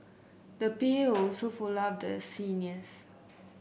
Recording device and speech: boundary microphone (BM630), read sentence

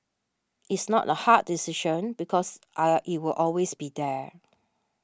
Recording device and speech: standing microphone (AKG C214), read sentence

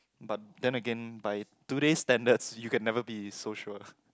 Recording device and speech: close-talking microphone, conversation in the same room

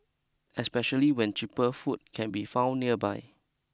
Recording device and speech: close-talking microphone (WH20), read sentence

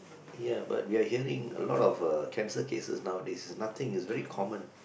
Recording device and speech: boundary microphone, conversation in the same room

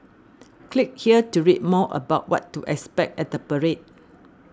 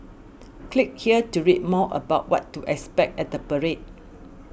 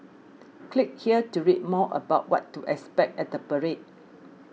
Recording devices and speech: standing microphone (AKG C214), boundary microphone (BM630), mobile phone (iPhone 6), read sentence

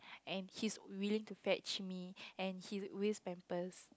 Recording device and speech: close-talking microphone, conversation in the same room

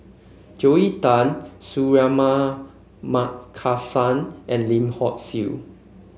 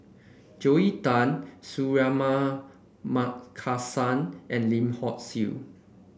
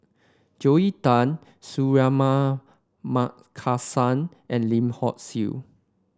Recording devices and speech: mobile phone (Samsung C5), boundary microphone (BM630), standing microphone (AKG C214), read sentence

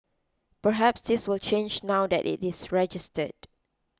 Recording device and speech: close-talking microphone (WH20), read sentence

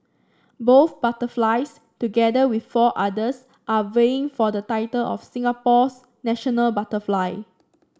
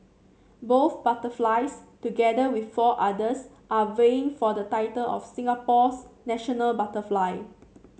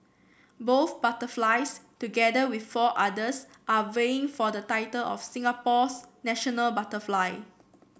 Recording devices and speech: standing microphone (AKG C214), mobile phone (Samsung C7), boundary microphone (BM630), read sentence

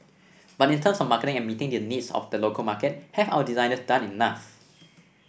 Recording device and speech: boundary microphone (BM630), read sentence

